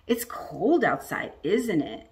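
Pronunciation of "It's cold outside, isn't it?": The tag 'isn't it' goes down, because it's not really a question. The speaker isn't looking for an answer and just wants agreement.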